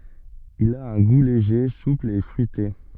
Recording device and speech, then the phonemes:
soft in-ear microphone, read sentence
il a œ̃ ɡu leʒe supl e fʁyite

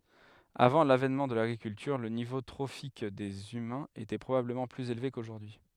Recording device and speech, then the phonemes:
headset microphone, read sentence
avɑ̃ lavɛnmɑ̃ də laɡʁikyltyʁ lə nivo tʁofik dez ymɛ̃z etɛ pʁobabləmɑ̃ plyz elve koʒuʁdyi

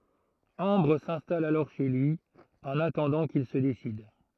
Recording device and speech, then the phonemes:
throat microphone, read sentence
ɑ̃bʁ sɛ̃stal alɔʁ ʃe lyi ɑ̃n atɑ̃dɑ̃ kil sə desid

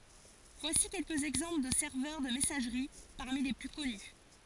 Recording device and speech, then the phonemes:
forehead accelerometer, read sentence
vwasi kɛlkəz ɛɡzɑ̃pl də sɛʁvœʁ də mɛsaʒʁi paʁmi le ply kɔny

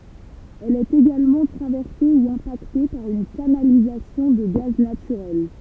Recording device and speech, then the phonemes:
temple vibration pickup, read sentence
ɛl ɛt eɡalmɑ̃ tʁavɛʁse u ɛ̃pakte paʁ yn kanalizasjɔ̃ də ɡaz natyʁɛl

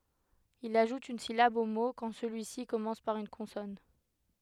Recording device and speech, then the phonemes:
headset microphone, read sentence
il aʒut yn silab o mo kɑ̃ səlyisi kɔmɑ̃s paʁ yn kɔ̃sɔn

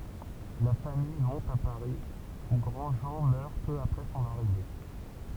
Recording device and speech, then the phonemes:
temple vibration pickup, read sentence
la famij mɔ̃t a paʁi u ɡʁɑ̃dʒɑ̃ mœʁ pø apʁɛ sɔ̃n aʁive

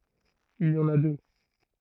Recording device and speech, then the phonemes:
throat microphone, read sentence
il i ɑ̃n a dø

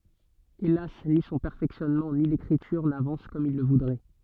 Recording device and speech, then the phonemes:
soft in-ear microphone, read sentence
elas ni sɔ̃ pɛʁfɛksjɔnmɑ̃ ni lekʁityʁ navɑ̃s kɔm il lə vudʁɛ

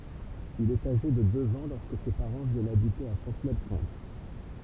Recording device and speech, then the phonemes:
temple vibration pickup, read sentence
il ɛt aʒe də døz ɑ̃ lɔʁskə se paʁɑ̃ vjɛnt abite a fɔ̃tnɛlkɔ̃t

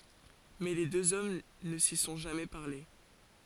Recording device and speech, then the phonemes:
forehead accelerometer, read sentence
mɛ le døz ɔm nə si sɔ̃ ʒamɛ paʁle

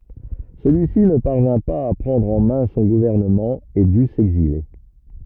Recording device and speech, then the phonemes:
rigid in-ear microphone, read sentence
səlyi si nə paʁvɛ̃ paz a pʁɑ̃dʁ ɑ̃ mɛ̃ sɔ̃ ɡuvɛʁnəmɑ̃ e dy sɛɡzile

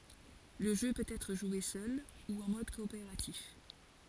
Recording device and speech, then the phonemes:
forehead accelerometer, read sentence
lə ʒø pøt ɛtʁ ʒwe sœl u ɑ̃ mɔd kɔopeʁatif

